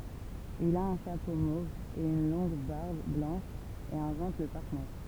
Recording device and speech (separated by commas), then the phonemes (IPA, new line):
temple vibration pickup, read sentence
il a œ̃ ʃapo mov e yn lɔ̃ɡ baʁb blɑ̃ʃ e ɛ̃vɑ̃t lə paʁkmɛtʁ